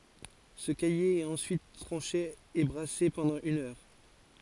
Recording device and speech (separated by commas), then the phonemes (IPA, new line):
forehead accelerometer, read sentence
sə kaje ɛt ɑ̃syit tʁɑ̃ʃe e bʁase pɑ̃dɑ̃ yn œʁ